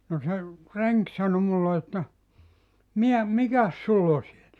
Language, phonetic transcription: Finnish, no se , 'reŋk 'sano mulle että , » 'mi₍ä , "mikäs 'sull ‿o siel ? «
- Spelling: no se renki sanoi minulle että mitä mikäs sinulla on siellä

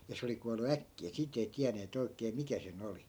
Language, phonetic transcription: Finnish, ja 'se oli kual̆lu "äkki₍ä 'siit ‿ei 'tiäneet ‿oikee "mikä se'n ‿oli .
- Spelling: ja se oli kuollut äkkiä siitä ei tienneet oikein mikä sen oli

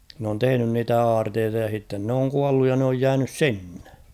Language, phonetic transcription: Finnish, n ‿oon 'tehᵉnyn niitä "aarteeta ja h̬itten n ‿ooŋ 'kualluj ja n ‿ooj 'jäänys "sinnᴇ .
- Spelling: ne on tehnyt niitä aarteita ja sitten ne on kuollut ja ne on jäänyt sinne

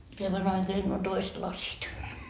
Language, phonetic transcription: Finnish, - - - - nuo "toist 'lasit .
- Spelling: nuo toiset lasit

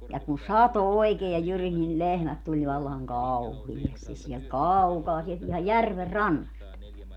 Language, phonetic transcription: Finnish, ja kun "sato 'oikee ja 'jyris nil 'lehmät 'tuĺ vallaŋ "kauhiestis siɛlt "kaukaa sielt ihaj "järver "rannast .
- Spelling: ja kun satoi oikein ja jyrisi niin lehmät tuli vallan kauheasti sieltä kaukaa sieltä ihan järven rannasta

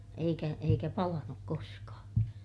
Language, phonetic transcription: Finnish, eikä , eikä palanuk koskaa .
- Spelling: eikä eikä palanut koskaan

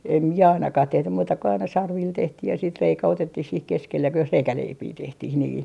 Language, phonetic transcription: Finnish, em 'mie ainakah 'tehtym muuta ko aina "sarvil 'tehtih ja siit 'reikä 'otettih siih 'keskelle (jos) "reikäleipii 'tehtih nii .
- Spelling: en minä ainakaan tehty muuta kuin aina sarvilla tehtiin ja sitten reikä otettiin siihen keskelle jos reikäleipää tehtiin niin

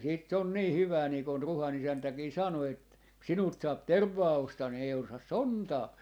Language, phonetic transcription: Finnish, ja siit se on 'nii "hyvää nii kon "Ruha'n ‿isäntäkii 'sano et , » ku 'sinult 'saap "tervvaa 'ostaa ni ei 'ostas "sontaa » .
- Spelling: ja sitten se on niin hyvää niin kun Ruhan isäntäkin sanoi että kun sinulta saa tervaa ostaa niin ei osta sontaa

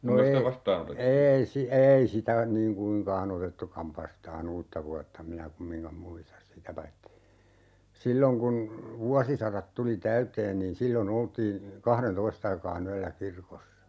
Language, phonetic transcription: Finnish, no 'ei , 'eei si- , 'eei sitä , niiŋ 'kuiŋkaa"n ‿otettukav 'vastaa"n ‿uutta vuatta 'minä 'kummiŋkam "muistas sitä paitti , 'silloŋ kun , 'vuasisarat 'tuli "täyteen niin "sillo'n ‿oltii , 'kahren"toist ‿aikaa'n ‿yällä 'kirkossa .
- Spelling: no ei ei - ei sitä niin kuinkaan otettukaan vastaan uutta vuotta minä kumminkaan muista sitä paitsi silloin kun vuosisadat tuli täyteen niin silloin oltiin kahdentoista aikaan yöllä kirkossa

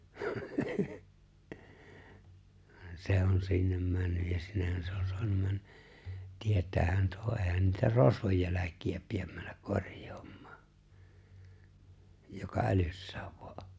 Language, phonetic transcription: Finnish, van 'se on sinnem 'männyj ja 'sinnehhän sᴇ ᴏɴ soanum mäɴɴᴀ̈ , 'tiet̀äähän toe 'eeⁱhän niitä "rosvoj jäläk̀iä piem männäk 'korj̀ᴏᴏᴍ̀ᴀᴀ , joka "’älyssääv ᴠᴏᴀ ’ᴏ .
- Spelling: vaan se on sinne mennyt ja sinnehän se on saanut mennä tietäähän tuo eihän niitä rosvojen jälkiä pidä mennä korjaamaan joka älyssään vain on

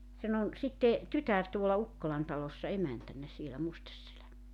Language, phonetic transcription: Finnish, 'sen ‿on , 'sitte , 'tytär tuola 'Ukkolan talossa 'emäntännä sielä 'Mustesselä .
- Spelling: sen on sitten tytär tuolla Ukkolan talossa emäntänä siellä Musteselän

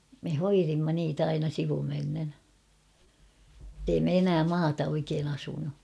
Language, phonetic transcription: Finnish, me "hoirimma niitä aina 'sivumennen , [et]tei me 'enää "maata oikeen ‿'asunu .
- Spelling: me hoidimme niitä aina sivumennen että ei me enää maata oikein asunut

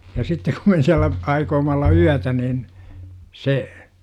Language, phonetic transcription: Finnish, ja 'sittek kum me siällä , 'aikooma olla "yätä niin , se ,.
- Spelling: ja sitten kun me siellä aioimme olla yötä niin se

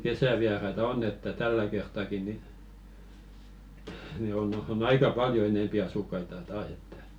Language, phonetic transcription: Finnish, 'kesäviaraita "onn ‿että 'tällä kert̆tàki ni , ni 'on , on 'aika "paljo enèmpi asukkaita 'taas ‿ettᴀ̈ .
- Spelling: kesävieraita on että tällä kertaakin niin niin on on aika paljon enempi asukkaita taas että

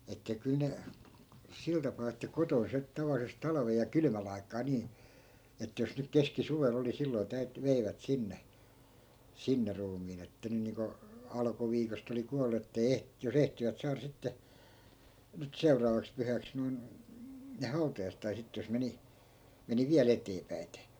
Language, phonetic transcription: Finnish, että kyl ne , 'sil tapaa että 'koton se , 'tavallises 'talᵃvej̆ ja 'kylmäl ai̮k̆kaa 'nii , että jos nyk "keski'suvel ‿oli 'silloi̮ täyt(y)- , 'veivät 'sinne , "sinne 'ruumiin ‿että 'ny niiŋko , 'alᵃkuviikost ‿oli 'kual̆lu ettei "eh- , jo"s ‿ehtivät 'saara sitte , nyt "seuraavaks 'pyhäks noi̮n , ne 'hautajaiset̆ tai sitte jos 'meni , 'meni "viäl ‿eteepäi̮te .
- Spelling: että kyllä ne sillä tapaa että kotona se tavallisesti talven ja kylmän aikaan niin että jos nyt keskisuvella oli silloin - veivät sinne sinne ruumiin että nyt niin kuin alkuviikosta oli kuollut että ei - jos ehtivät saada sitten nyt seuraavaksi pyhäksi noin ne hautajaiset tai sitten jos meni meni vielä eteenpäiten

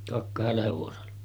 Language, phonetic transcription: Finnish, kak- 'kahella hevosella .
- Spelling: - kahdella hevosella

